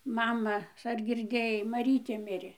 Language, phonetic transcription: Lithuanian, ˈmama ar girˈdėjai maˈrytė ˈmirė

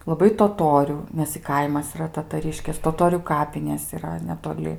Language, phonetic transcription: Lithuanian, laˈbai toˈtoriu ˈnes i ˈkaimas iˈra tataˈriškės toˈtorių ˈkapinės yˈra netoˈli

